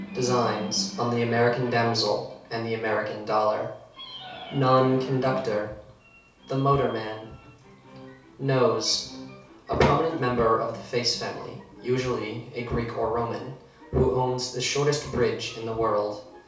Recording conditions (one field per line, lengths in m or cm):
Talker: one person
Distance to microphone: 3.0 m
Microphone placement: far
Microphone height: 1.8 m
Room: small (3.7 m by 2.7 m)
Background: television